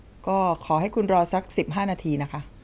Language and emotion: Thai, neutral